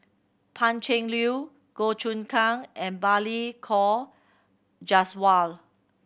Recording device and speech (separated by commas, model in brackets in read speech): boundary microphone (BM630), read sentence